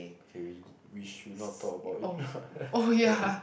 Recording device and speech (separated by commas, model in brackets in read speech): boundary microphone, conversation in the same room